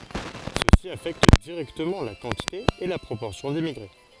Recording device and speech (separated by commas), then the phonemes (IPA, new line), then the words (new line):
forehead accelerometer, read sentence
səsi afɛkt diʁɛktəmɑ̃ la kɑ̃tite e la pʁopɔʁsjɔ̃ dimmiɡʁe
Ceci affecte directement la quantité et la proportion d'immigrés.